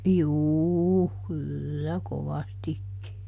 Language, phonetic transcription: Finnish, "juuu , ˈkyllä ˈkovastikki .
- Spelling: juu kyllä kovastikin

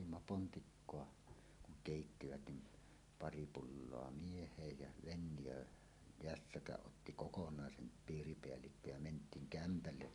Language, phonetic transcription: Finnish, 'otimma 'pontikkoa , kuŋ 'kèittivät nim , "pari "pulloa 'mieh̀eej ja , Venjöö- , "-jässäkäˀ 'ˀotti "kokonàesen , 'piiripeällikko jä ment̀iiŋ 'kämpälle .
- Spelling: otimme pontikkaa kun keittivät niin pari pulloa mieheen ja Fennia jässäkän otti kokonaisen piiripäällikkö ja mentiin kämpälle

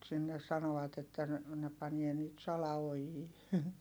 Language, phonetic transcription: Finnish, mut sinnes sano₍at ‿että ne , ne panie nyt sala₍ojii .
- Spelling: mutta sinne sanovat että ne ne panee nyt salaojia

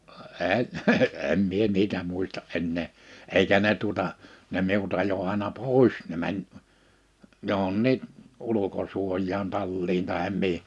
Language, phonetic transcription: Finnish, 'eɴ , 'em mie 'niitä 'muista’ "’ennee , 'eikä ne tuᵒta , ne 'miut ‿ajo àina "pois ne mäń , 'johonni , 'ulukosuoj̀aan 'talliin tahem 'mi(hi) .
- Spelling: en en minä niitä muista enää eikä ne tuota ne minut ajoi aina pois ne meni johonkin ulkosuojaan talliin tai mihin

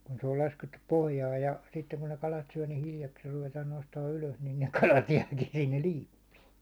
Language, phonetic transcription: Finnish, kun se ol laskettup 'pohjaaj ja , sitteŋ kun ne kalat syä ni 'hiljaksiir ruvetaan nostaan 'ylös nin ne 'kalat jäakin sinnel "liippiin̬ .
- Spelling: kun se oli laskettu pohjaan ja sitten kun ne kalat syö niin hiljakseen ruvetaan nostamaan ylös niin ne kalat jääkin sinne liippiin

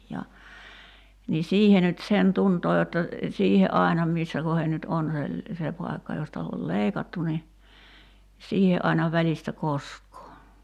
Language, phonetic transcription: Finnish, ja , ni "siihe nyt 'sen 'tuntoo jotta , 'siihe "’ài̬na 'missä kohen nyt 'on se , 'se pai̬kka josta ol "leikattu ni , "siihe ’aina 'väĺistä "kosk̀oo .
- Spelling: ja niin siihen nyt sen tuntee jotta siihen aina missä kohden nyt on se se paikka josta on leikattu niin siihen aina välistä koskee

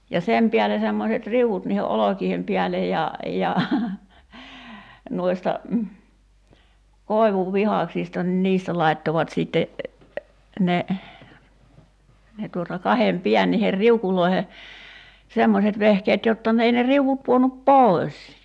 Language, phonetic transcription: Finnish, ja 'sem piäle 'semmoset "riu₍ut niihe '’olokiihem piälej ja , ja , nuista , 'kòi̬vuvvihàksista nⁱn 'niistä 'lai̬ttovat sìtte , ne , ne tuota 'kahem 'piän niher "riukuloi̬he , 'semmoset 'vehkeet jotta ne ei ne 'riuvup̳§ 'puonup "pòi̬s .
- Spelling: ja sen päälle semmoiset riu'ut niiden olkien päälle ja ja noista koivunvihdaksista niin niistä laittoivat sitten ne ne tuota kahden päin niihin riukuihin semmoiset vehkeet jotta ne ei ne riu'ut pudonnut pois

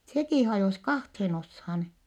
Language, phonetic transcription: Finnish, sekì hajòs kahthen oshan .
- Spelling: sekin hajosi kahteen osaan

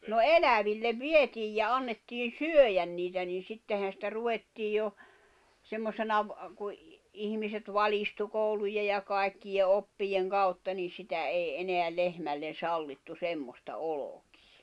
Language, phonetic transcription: Finnish, no "elävillev "vietiij ja 'annettiin̬ "syöjän niitä nin̬ 'sittehän̬ sⁱtä 'ruvettiij jo , 'semmosena ‿v- , ku , 'ihmiset 'valistu 'koulujej̆ ja kàekkije 'oppijeŋ 'kautta ni sitä ei 'eneä 'lehmällen̬ 'sallittu "semmosta "olokɪɪ .
- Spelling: no eläville vietiin ja annettiin syödä niitä niin sittenhän sitä ruvettiin jo semmoisena - kun ihmiset valistui koulujen ja kaikkien oppien kautta niin sitä ei enää lehmälle sallittu semmoista olkea

